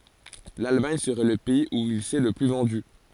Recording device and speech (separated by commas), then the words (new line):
forehead accelerometer, read sentence
L'Allemagne serait le pays où il s'est le plus vendu.